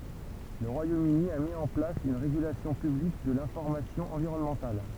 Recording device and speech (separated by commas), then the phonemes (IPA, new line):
temple vibration pickup, read sentence
lə ʁwajom yni a mi ɑ̃ plas yn ʁeɡylasjɔ̃ pyblik də lɛ̃fɔʁmasjɔ̃ ɑ̃viʁɔnmɑ̃tal